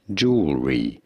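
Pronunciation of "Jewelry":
In 'jewelry', the e in the middle of the word is silent.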